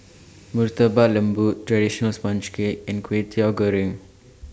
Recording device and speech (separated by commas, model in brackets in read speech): standing microphone (AKG C214), read sentence